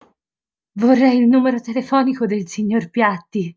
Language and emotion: Italian, fearful